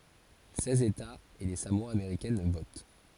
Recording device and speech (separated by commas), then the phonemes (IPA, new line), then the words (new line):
forehead accelerometer, read sentence
sɛz etaz e le samoa ameʁikɛn vot
Seize États et les Samoa américaines votent.